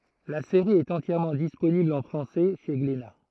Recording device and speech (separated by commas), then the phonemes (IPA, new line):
throat microphone, read sentence
la seʁi ɛt ɑ̃tjɛʁmɑ̃ disponibl ɑ̃ fʁɑ̃sɛ ʃe ɡlena